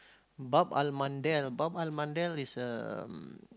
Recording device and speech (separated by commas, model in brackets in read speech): close-talking microphone, conversation in the same room